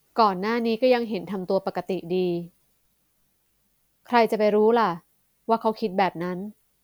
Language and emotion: Thai, neutral